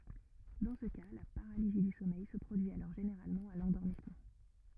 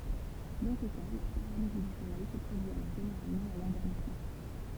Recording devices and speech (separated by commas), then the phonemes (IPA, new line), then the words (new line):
rigid in-ear microphone, temple vibration pickup, read sentence
dɑ̃ sə ka la paʁalizi dy sɔmɛj sə pʁodyi alɔʁ ʒeneʁalmɑ̃ a lɑ̃dɔʁmismɑ̃
Dans ce cas, la paralysie du sommeil se produit alors généralement à l'endormissement.